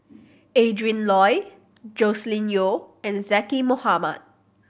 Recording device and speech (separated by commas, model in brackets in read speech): boundary microphone (BM630), read sentence